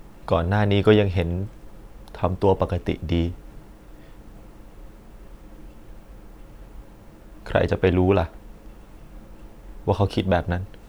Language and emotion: Thai, sad